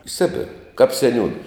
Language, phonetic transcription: Lithuanian, i ˈsibira kap seˈniūna

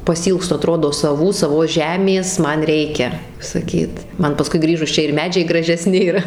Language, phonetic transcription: Lithuanian, pasiˈylgstu aˈtrodo saˈvų saˈvos ˈžemės ˈman ˈreikia saˈkyt ˈman paˈskui ˈgrįžus ˈčia ir ˈmedžiai gražeˈsni ir

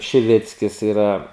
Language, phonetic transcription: Lithuanian, šiˈvickis iˈra

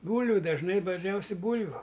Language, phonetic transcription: Lithuanian, ˈbūlviu dažˈnai dažˈniausiai ˈbūlviu

